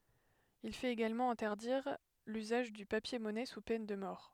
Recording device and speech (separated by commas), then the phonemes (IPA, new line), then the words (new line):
headset microphone, read sentence
il fɛt eɡalmɑ̃ ɛ̃tɛʁdiʁ lyzaʒ dy papjɛʁmɔnɛ su pɛn də mɔʁ
Il fait également interdire l'usage du papier-monnaie sous peine de mort.